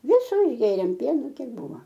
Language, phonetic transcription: Lithuanian, ˈvisu išˈgėrėm ˈpienu ˈkiek ˈbūva

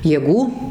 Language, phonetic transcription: Lithuanian, jėˈgų

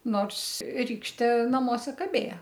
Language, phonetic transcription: Lithuanian, ˈnors ˈrykštė naˈmuose kaˈbėja

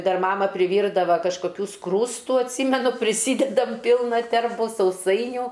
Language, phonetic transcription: Lithuanian, ˈdar ˈmama priˈvyrdava kažkoˈkių ˈskrūstu atˈsymenu priˈsydedam ˈpylna ˈterbu sauˈsainių

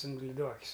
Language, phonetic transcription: Lithuanian, in liˈduokius

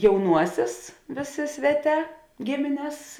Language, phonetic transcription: Lithuanian, jauˈnuosės ˈvėˌsė ˈsveˌtē ˈgimines

